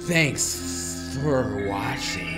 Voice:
Reptilian voice